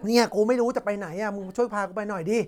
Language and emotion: Thai, frustrated